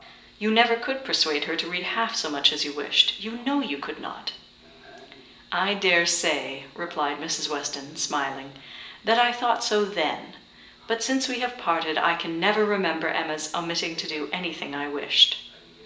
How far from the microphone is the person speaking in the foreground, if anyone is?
1.8 m.